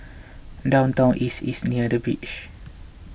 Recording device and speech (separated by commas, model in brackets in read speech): boundary microphone (BM630), read sentence